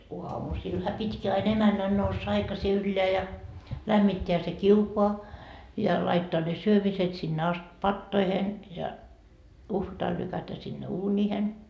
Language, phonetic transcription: Finnish, "uamusilha pit́ki ai'n ‿emännän noussa 'aikasi 'ylleä ja , 'lämmitteä se "kiukoa , ja laittooa ne 'syömiset sinne ast 'pattoihen , ja , 'uhvatal lykätä sinne "uuńiihen .
- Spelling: aamusillahan pitikin aina emännän nousta aikaisin ylös ja lämmittää se kiuas ja laittaa ne syömiset sinne asti patoihin ja uhvatalla lykätä sinne uuniin

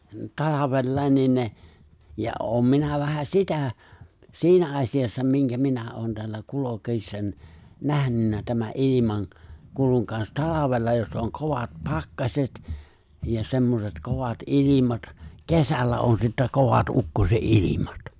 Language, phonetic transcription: Finnish, 'talavellài̬n niin ne , ja '’oom 'minä vähä "sitä , "si̬inä 'aśijassa 'miŋkä 'minä '’oon 'teällä ''kulokḙiśsań , 'nähnynnä 'tämä’ "’ilimaŋ , 'kuluŋ kans "talavella jos ’oŋ "kovat "pakkaśet , ja 'semmoset 'kovat "’ilimat , "kesällä on sittä 'kovat "’ukkose’'’ilimat .
- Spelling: talvella niin ne ja olen minä vähän sitä siinä asiassa minkä minä olen täällä kulkiessa nähnyt tämän - ilmankulun kanssa talvella jos on kovat pakkaset ja semmoiset kovat ilmat kesällä on sitten kovat ukkosenilmat

